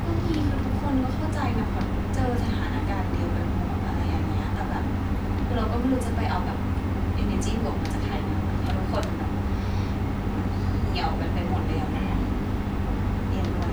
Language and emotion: Thai, frustrated